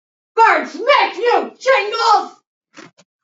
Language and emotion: English, angry